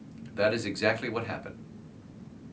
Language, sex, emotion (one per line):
English
male
neutral